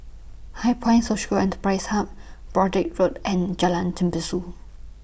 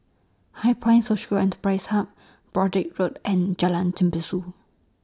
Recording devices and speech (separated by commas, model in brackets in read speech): boundary microphone (BM630), standing microphone (AKG C214), read sentence